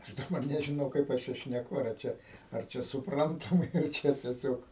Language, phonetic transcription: Lithuanian, aš daˈbar nežiˈnau kaip ˈaš ˈčia šneˈku ar ˈčia ar ˈčia supˈrantamai ar ˈčia tieˈsiog

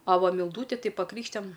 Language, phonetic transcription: Lithuanian, a ˈva milˈdūti tai paˈkrykštijam

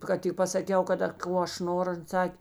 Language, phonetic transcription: Lithuanian, ˈkad tik pasaˈkiau kaˈda ˈko aš ˈnoru ˈan ˈsakė

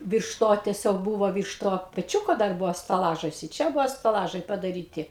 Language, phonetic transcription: Lithuanian, ˈvyrš ˈto teˈsiog ˈbūvo ˈvyrš ˈto peˈčiūko dar ˈbuvo staˈlažas i ˈčia ˈbuvo staˈlažai padaˈryti

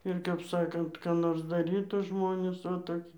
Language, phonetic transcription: Lithuanian, ir kap ˈsakant ką ˈnors daˈrytų ˈžmonės o toˈki

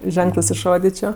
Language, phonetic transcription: Lithuanian, ˈženklɜs išˈrodičio

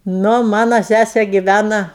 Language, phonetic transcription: Lithuanian, ˈnu ˈmana ˈsæse giˈvæna

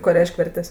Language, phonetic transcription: Lithuanian, ˈko ˈreišk' ˈvertes'

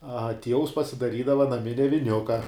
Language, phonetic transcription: Lithuanian, a ˈtievus pasidaˈrydava naˈminia viˈniuka

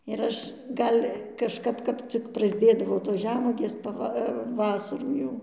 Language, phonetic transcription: Lithuanian, ir ˈaš ˈgal' kažˈkap ˈkap cik prasˈdėdavo tos ˈžemuogės paˈva ˈvasarų jau

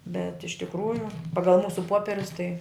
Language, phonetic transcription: Lithuanian, bet iš tikˈrųju ˈpagal ˈmūsu ˈpoperius tai

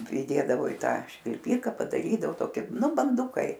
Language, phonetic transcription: Lithuanian, priˈdėdavo i ˈtą švilˈpyka padaˈrydavo ˈtoki ˈnu banˈdukai

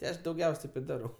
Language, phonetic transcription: Lithuanian, ti ˈaš dauˈgiaus' ˈtaip i ˈdarau

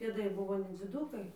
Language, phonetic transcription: Lithuanian, pėˈdai ˈbuvo nedziˈdūkai

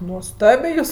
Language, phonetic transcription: Lithuanian, nuoˈstabė ˈjūs

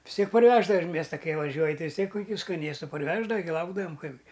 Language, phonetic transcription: Lithuanian, vis ˈtiek parˈveždava iš ˈmiesta ˈkai vaˈžiuoj ˈtai vis ˈtiek kuˈkių skaˈnėstu parˈveždava gi ˈlaukdavam ˈkaipgi

